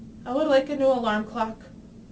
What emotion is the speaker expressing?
neutral